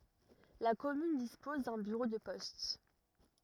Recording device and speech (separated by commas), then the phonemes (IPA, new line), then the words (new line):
rigid in-ear microphone, read sentence
la kɔmyn dispɔz dœ̃ byʁo də pɔst
La commune dispose d’un bureau de poste.